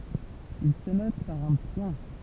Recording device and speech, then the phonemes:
temple vibration pickup, read sentence
il sə nɔt paʁ œ̃ pwɛ̃

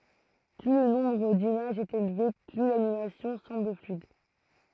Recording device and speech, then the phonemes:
throat microphone, read sentence
ply lə nɔ̃bʁ dimaʒz ɛt elve ply lanimasjɔ̃ sɑ̃bl flyid

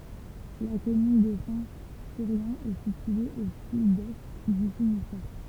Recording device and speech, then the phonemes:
temple vibration pickup, read sentence
la kɔmyn də sɛ̃ tyʁjɛ̃ ɛ sitye o sydɛst dy finistɛʁ

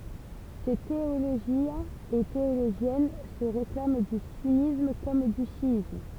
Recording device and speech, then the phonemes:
temple vibration pickup, read sentence
se teoloʒjɛ̃z e teoloʒjɛn sə ʁeklam dy synism kɔm dy ʃjism

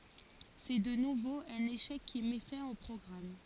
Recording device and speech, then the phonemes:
forehead accelerometer, read sentence
sɛ də nuvo œ̃n eʃɛk ki mɛ fɛ̃ o pʁɔɡʁam

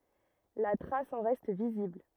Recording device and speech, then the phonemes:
rigid in-ear microphone, read sentence
la tʁas ɑ̃ ʁɛst vizibl

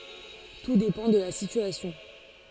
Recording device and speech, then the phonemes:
forehead accelerometer, read sentence
tu depɑ̃ də la sityasjɔ̃

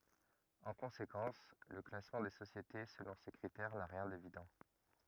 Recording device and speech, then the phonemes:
rigid in-ear microphone, read sentence
ɑ̃ kɔ̃sekɑ̃s lə klasmɑ̃ de sosjete səlɔ̃ se kʁitɛʁ na ʁjɛ̃ devidɑ̃

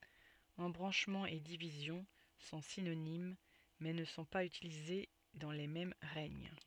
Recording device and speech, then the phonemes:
soft in-ear microphone, read sentence
ɑ̃bʁɑ̃ʃmɑ̃ e divizjɔ̃ sɔ̃ sinonim mɛ nə sɔ̃ paz ytilize dɑ̃ le mɛm ʁɛɲ

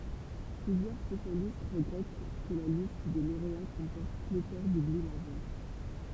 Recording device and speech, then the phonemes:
temple vibration pickup, read sentence
plyzjœʁ spesjalist ʁəɡʁɛt kə la list de loʁea kɔ̃pɔʁt pletɔʁ dubli maʒœʁ

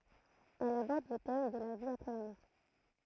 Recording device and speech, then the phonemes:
throat microphone, read sentence
ɛl abɔʁd lə tɛm də la vi apʁɛ la mɔʁ

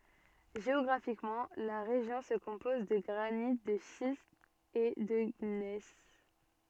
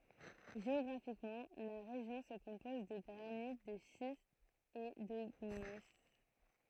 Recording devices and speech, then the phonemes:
soft in-ear microphone, throat microphone, read sentence
ʒeɔɡʁafikmɑ̃ la ʁeʒjɔ̃ sə kɔ̃pɔz də ɡʁanit də ʃistz e də ɲɛs

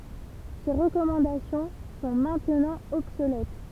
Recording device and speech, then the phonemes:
temple vibration pickup, read sentence
se ʁəkɔmɑ̃dasjɔ̃ sɔ̃ mɛ̃tnɑ̃ ɔbsolɛt

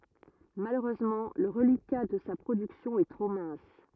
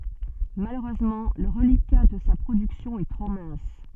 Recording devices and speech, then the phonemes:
rigid in-ear microphone, soft in-ear microphone, read sentence
maløʁøzmɑ̃ lə ʁəlika də sa pʁodyksjɔ̃ ɛ tʁo mɛ̃s

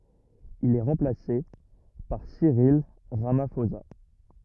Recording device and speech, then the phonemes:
rigid in-ear microphone, read sentence
il ɛ ʁɑ̃plase paʁ siʁil ʁamafoza

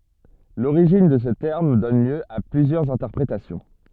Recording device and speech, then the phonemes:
soft in-ear microphone, read sentence
loʁiʒin də sə tɛʁm dɔn ljø a plyzjœʁz ɛ̃tɛʁpʁetasjɔ̃

